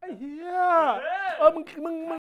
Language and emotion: Thai, happy